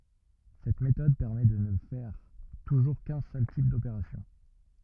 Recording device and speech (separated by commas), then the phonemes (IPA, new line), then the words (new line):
rigid in-ear microphone, read sentence
sɛt metɔd pɛʁmɛ də nə fɛʁ tuʒuʁ kœ̃ sœl tip dopeʁasjɔ̃
Cette méthode permet de ne faire toujours qu'un seul type d'opération.